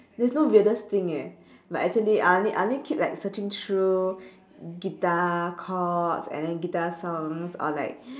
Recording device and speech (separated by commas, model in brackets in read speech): standing microphone, conversation in separate rooms